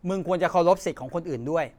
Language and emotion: Thai, angry